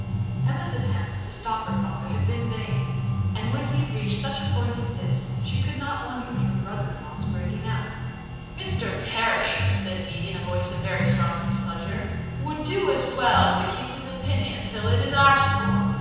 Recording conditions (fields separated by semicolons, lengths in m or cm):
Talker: one person; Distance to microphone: 7.1 m; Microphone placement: far; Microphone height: 1.7 m; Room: very reverberant, large; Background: music